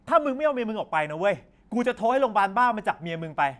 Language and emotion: Thai, angry